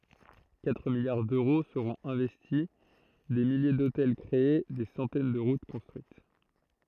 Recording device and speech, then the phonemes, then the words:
throat microphone, read sentence
katʁ miljaʁ døʁo səʁɔ̃t ɛ̃vɛsti de milje dotɛl kʁee de sɑ̃tɛn də ʁut kɔ̃stʁyit
Quatre milliards d'euros seront investis, des milliers d'hôtels créés, des centaines de routes construites.

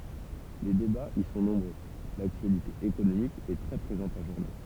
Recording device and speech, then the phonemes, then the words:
temple vibration pickup, read sentence
le debaz i sɔ̃ nɔ̃bʁø laktyalite ekonomik ɛ tʁɛ pʁezɑ̃t ɑ̃ ʒuʁne
Les débats y sont nombreux, l'actualité économique est très présente en journée.

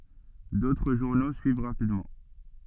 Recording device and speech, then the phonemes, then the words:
soft in-ear microphone, read sentence
dotʁ ʒuʁno syiv ʁapidmɑ̃
D'autres journaux suivent rapidement.

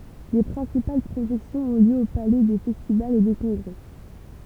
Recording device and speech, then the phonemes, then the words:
temple vibration pickup, read sentence
le pʁɛ̃sipal pʁoʒɛksjɔ̃z ɔ̃ ljø o palɛ de fɛstivalz e de kɔ̃ɡʁɛ
Les principales projections ont lieu au Palais des festivals et des congrès.

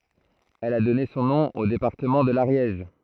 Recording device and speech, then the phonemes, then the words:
throat microphone, read sentence
ɛl a dɔne sɔ̃ nɔ̃ o depaʁtəmɑ̃ də laʁjɛʒ
Elle a donné son nom au département de l'Ariège.

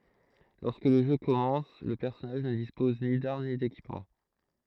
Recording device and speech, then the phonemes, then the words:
throat microphone, read sentence
lɔʁskə lə ʒø kɔmɑ̃s lə pɛʁsɔnaʒ nə dispɔz ni daʁm ni dekipmɑ̃
Lorsque le jeu commence, le personnage ne dispose ni d’armes, ni d’équipement.

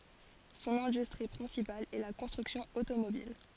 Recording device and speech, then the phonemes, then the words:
forehead accelerometer, read sentence
sɔ̃n ɛ̃dystʁi pʁɛ̃sipal ɛ la kɔ̃stʁyksjɔ̃ otomobil
Son industrie principale est la construction automobile.

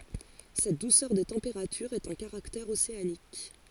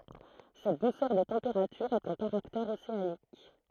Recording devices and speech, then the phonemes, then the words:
forehead accelerometer, throat microphone, read sentence
sɛt dusœʁ de tɑ̃peʁatyʁz ɛt œ̃ kaʁaktɛʁ oseanik
Cette douceur des températures est un caractère océanique.

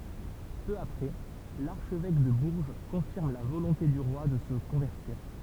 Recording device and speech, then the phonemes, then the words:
temple vibration pickup, read sentence
pø apʁɛ laʁʃvɛk də buʁʒ kɔ̃fiʁm la volɔ̃te dy ʁwa də sə kɔ̃vɛʁtiʁ
Peu après, l’archevêque de Bourges confirme la volonté du roi de se convertir.

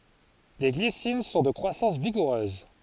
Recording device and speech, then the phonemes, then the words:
forehead accelerometer, read sentence
le ɡlisin sɔ̃ də kʁwasɑ̃s viɡuʁøz
Les glycines sont de croissance vigoureuse.

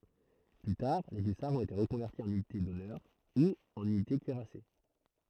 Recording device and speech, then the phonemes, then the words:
throat microphone, read sentence
ply taʁ le ysaʁz ɔ̃t ete ʁəkɔ̃vɛʁti ɑ̃n ynite dɔnœʁ u ɑ̃n ynite kyiʁase
Plus tard les hussards ont été reconvertis en unités d'honneur ou en unités cuirassées.

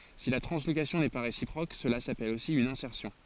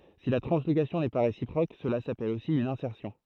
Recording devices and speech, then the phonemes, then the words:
forehead accelerometer, throat microphone, read sentence
si la tʁɑ̃slokasjɔ̃ nɛ pa ʁesipʁok səla sapɛl osi yn ɛ̃sɛʁsjɔ̃
Si la translocation n'est pas réciproque, cela s'appelle aussi une insertion.

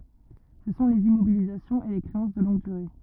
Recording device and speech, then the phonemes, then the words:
rigid in-ear microphone, read sentence
sə sɔ̃ lez immobilizasjɔ̃z e le kʁeɑ̃s də lɔ̃ɡ dyʁe
Ce sont les immobilisations et les créances de longue durée.

